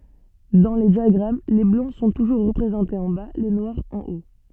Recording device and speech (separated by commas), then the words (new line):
soft in-ear microphone, read sentence
Dans les diagrammes, les Blancs sont toujours représentés en bas, les Noirs en haut.